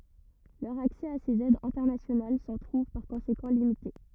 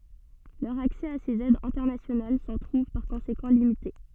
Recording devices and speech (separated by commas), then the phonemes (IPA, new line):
rigid in-ear microphone, soft in-ear microphone, read sentence
lœʁ aksɛ a sez ɛdz ɛ̃tɛʁnasjonal sɑ̃ tʁuv paʁ kɔ̃sekɑ̃ limite